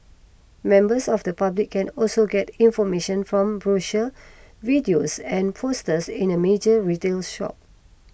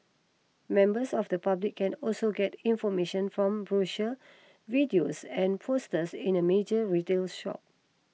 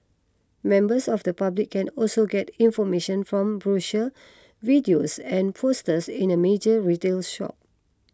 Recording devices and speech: boundary microphone (BM630), mobile phone (iPhone 6), close-talking microphone (WH20), read sentence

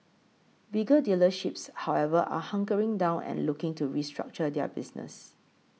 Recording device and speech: mobile phone (iPhone 6), read sentence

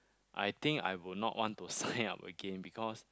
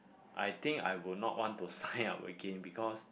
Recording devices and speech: close-talking microphone, boundary microphone, conversation in the same room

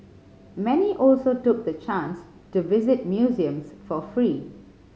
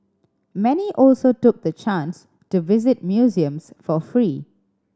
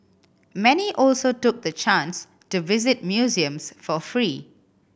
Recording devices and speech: mobile phone (Samsung C5010), standing microphone (AKG C214), boundary microphone (BM630), read sentence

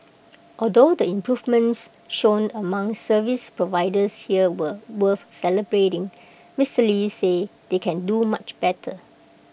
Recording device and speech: boundary microphone (BM630), read sentence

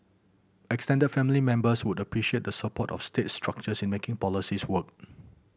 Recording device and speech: boundary microphone (BM630), read sentence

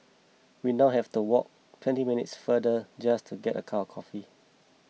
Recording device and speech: mobile phone (iPhone 6), read sentence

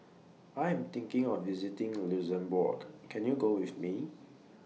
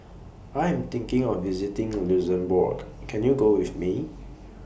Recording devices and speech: mobile phone (iPhone 6), boundary microphone (BM630), read sentence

